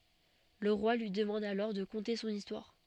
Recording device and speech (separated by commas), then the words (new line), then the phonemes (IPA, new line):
soft in-ear microphone, read sentence
Le Roi lui demande alors de conter son histoire.
lə ʁwa lyi dəmɑ̃d alɔʁ də kɔ̃te sɔ̃n istwaʁ